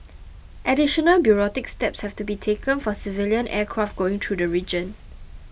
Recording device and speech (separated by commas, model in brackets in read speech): boundary microphone (BM630), read sentence